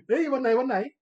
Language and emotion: Thai, happy